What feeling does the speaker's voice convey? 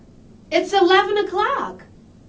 happy